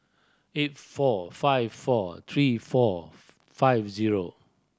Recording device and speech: standing microphone (AKG C214), read sentence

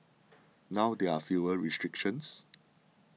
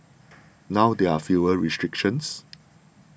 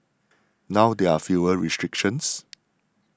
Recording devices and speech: mobile phone (iPhone 6), boundary microphone (BM630), standing microphone (AKG C214), read sentence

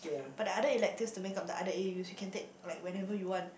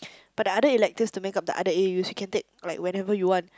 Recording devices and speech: boundary microphone, close-talking microphone, conversation in the same room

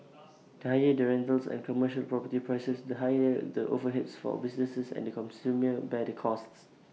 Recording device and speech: mobile phone (iPhone 6), read sentence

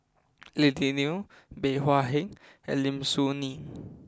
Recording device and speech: close-talking microphone (WH20), read sentence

